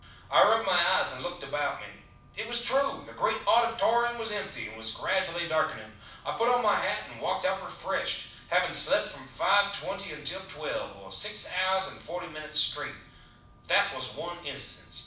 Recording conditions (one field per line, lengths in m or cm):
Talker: one person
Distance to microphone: 5.8 m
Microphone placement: far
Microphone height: 1.8 m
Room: medium-sized (5.7 m by 4.0 m)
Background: none